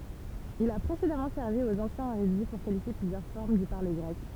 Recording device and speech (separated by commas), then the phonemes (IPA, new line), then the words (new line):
temple vibration pickup, read sentence
il a pʁesedamɑ̃ sɛʁvi oz ɑ̃sjɛ̃z eʁydi puʁ kalifje plyzjœʁ fɔʁm dy paʁle ɡʁɛk
Il a précédemment servi aux anciens érudits pour qualifier plusieurs formes du parler grec.